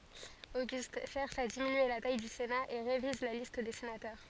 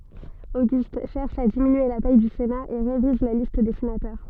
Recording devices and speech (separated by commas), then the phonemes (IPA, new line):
forehead accelerometer, soft in-ear microphone, read sentence
oɡyst ʃɛʁʃ a diminye la taj dy sena e ʁeviz la list de senatœʁ